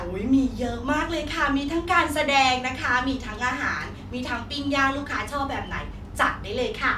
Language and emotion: Thai, happy